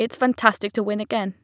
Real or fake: real